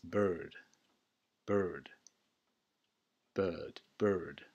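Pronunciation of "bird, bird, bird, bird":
'Bird' is said here with an American pronunciation.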